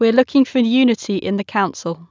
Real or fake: real